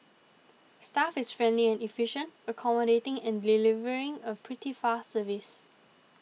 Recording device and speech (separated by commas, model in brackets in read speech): mobile phone (iPhone 6), read sentence